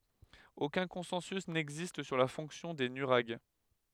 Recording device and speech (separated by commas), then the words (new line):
headset microphone, read sentence
Aucun consensus n'existe sur la fonction des nuraghes.